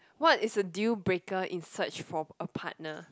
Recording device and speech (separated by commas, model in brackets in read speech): close-talking microphone, conversation in the same room